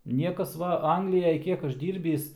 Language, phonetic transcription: Lithuanian, ˈniekas ˈva ˈanglijaj ˈkiek ˈaš ˈdyrbįs

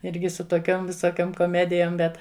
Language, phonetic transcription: Lithuanian, ˈirgi su toˈkiom visoˈkiom koˈmedijom ˈbet

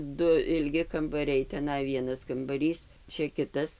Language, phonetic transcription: Lithuanian, ˈdu ilˈgi kambaˈriai teˈnai ˈvienas kambaˈrys ˈčia ˈkitas

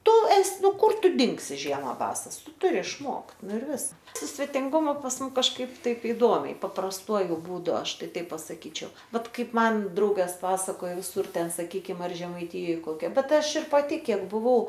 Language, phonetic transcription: Lithuanian, ˈtu ˈes ˈnu ˈkur ˈtu ˈdingsi ˈžiema ˈbasas ˈtu ˈturi išˈmokt ˈnu ir ˈvis su svetinˈgumu pas ˈmum kažˈkaip ˈtaip iˈdomiai paprasˈtuoju būˈdu ˈaš ˈtai ˈtaip pasaˈkyčiau ˈbet ˈkaip ˈman ˈdraugas ˈpasakojo viˈsur ˈten saˈkykim ar žemaiˈtijoj ˈkokia ˈbet ˈaš ir paˈti ˈkiek buˈvau

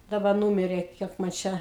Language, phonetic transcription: Lithuanian, daˈba ˈnūmirė ˈkiek man ˈčia

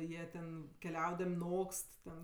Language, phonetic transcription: Lithuanian, ˈjie ten keˈliaudam' ˈnokst ten

